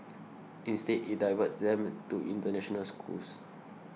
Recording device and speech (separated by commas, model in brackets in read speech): mobile phone (iPhone 6), read sentence